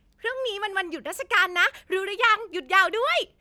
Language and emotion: Thai, happy